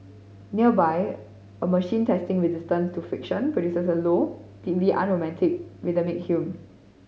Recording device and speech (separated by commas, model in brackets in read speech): mobile phone (Samsung C5010), read sentence